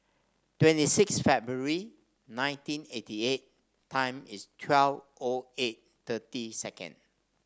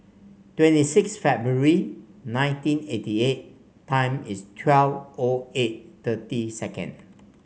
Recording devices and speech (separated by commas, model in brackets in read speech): standing microphone (AKG C214), mobile phone (Samsung C5), read sentence